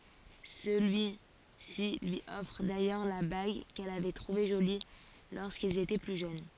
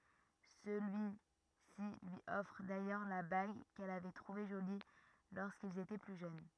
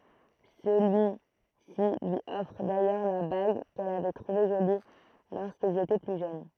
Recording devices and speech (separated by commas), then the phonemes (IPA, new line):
forehead accelerometer, rigid in-ear microphone, throat microphone, read sentence
səlyi si lyi ɔfʁ dajœʁ la baɡ kɛl avɛ tʁuve ʒoli loʁskilz etɛ ply ʒøn